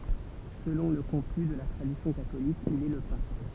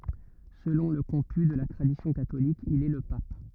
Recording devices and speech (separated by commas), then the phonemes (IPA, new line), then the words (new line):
temple vibration pickup, rigid in-ear microphone, read sentence
səlɔ̃ lə kɔ̃py də la tʁadisjɔ̃ katolik il ɛ lə pap
Selon le comput de la tradition catholique, il est le pape.